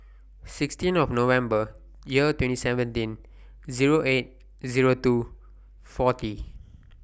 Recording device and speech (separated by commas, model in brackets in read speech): boundary microphone (BM630), read sentence